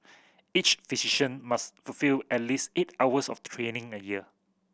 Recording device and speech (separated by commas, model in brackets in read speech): boundary microphone (BM630), read sentence